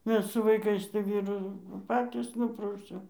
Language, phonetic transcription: Lithuanian, ˈmes su vaiˈkais tai ˈvyru nu ˈpatys ˈnuprausiau

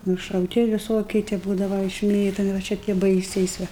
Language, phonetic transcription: Lithuanian, nušauˈti viˈsokie tie ˈbūdava išˈmėtomi va ˈčia tie ˈbaisiais ˈva

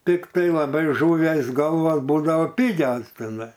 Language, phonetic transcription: Lithuanian, ˈtiktai laˈbai ˈžuvies ˈgalvas ˈbūdavo ˈpigias tiˈnai

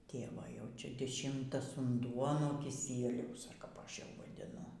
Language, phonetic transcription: Lithuanian, ˈtėvo jau ˈčia diˈšimtas unˈduo nuo kiˈsieliaus ar kap ˈaš jau vadiˈnu

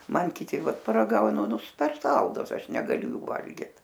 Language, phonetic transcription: Lithuanian, ˈman kiˈti ˈvat paraˈgaunu nu per ˈsaldus ˈaš negaˈliu ˈjų ˈvalgit

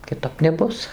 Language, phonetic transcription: Lithuanian, kiˈtap neˈbus

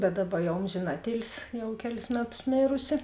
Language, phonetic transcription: Lithuanian, bet ˈdaˌba ˈjau ˈomžėn ˈatˌėlsi ˈjau ˈkeˌlis ˈmeˌtus ˈmėrusi

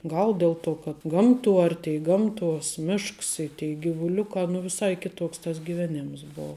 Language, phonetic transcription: Lithuanian, ˈgal ˈdel ˌtuo kad ˈgamˌtuo ˈartei ˈgamˌtuos ˈmišks i tei givuˈliukā nu viˈsai ˈkiˌtoks tas giˈvenims ˈbou

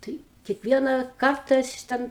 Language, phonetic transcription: Lithuanian, ˈtai kiekˈvieną ˈkarta aš ˈten

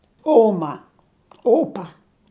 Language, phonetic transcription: Lithuanian, ˈoma ˈopa

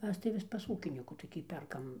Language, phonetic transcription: Lithuanian, ˈmes tai ˈvis pas ˈūkinykų toˈkį ˈperkam

